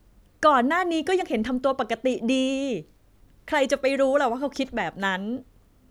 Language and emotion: Thai, neutral